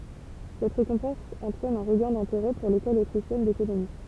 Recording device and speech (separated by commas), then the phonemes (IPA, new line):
temple vibration pickup, read sentence
sɛt ʁekɔ̃pɑ̃s ɑ̃tʁɛn œ̃ ʁəɡɛ̃ dɛ̃teʁɛ puʁ lekɔl otʁiʃjɛn dekonomi